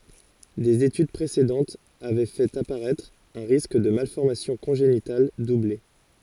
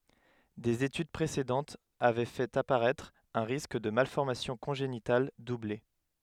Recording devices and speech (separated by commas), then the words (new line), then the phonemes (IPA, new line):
forehead accelerometer, headset microphone, read sentence
Des études précédentes avaient fait apparaître un risque de malformations congénitales doublé.
dez etyd pʁesedɑ̃tz avɛ fɛt apaʁɛtʁ œ̃ ʁisk də malfɔʁmasjɔ̃ kɔ̃ʒenital duble